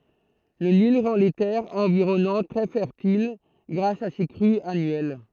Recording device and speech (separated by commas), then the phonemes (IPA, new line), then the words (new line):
throat microphone, read sentence
lə nil ʁɑ̃ le tɛʁz ɑ̃viʁɔnɑ̃t tʁɛ fɛʁtil ɡʁas a se kʁyz anyɛl
Le Nil rend les terres environnantes très fertiles grâce à ses crues annuelles.